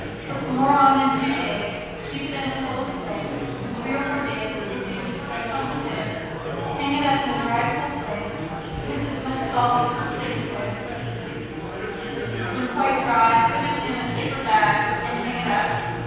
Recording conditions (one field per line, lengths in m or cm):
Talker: one person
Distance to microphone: 7.1 m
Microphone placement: far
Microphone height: 1.7 m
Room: very reverberant, large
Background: babble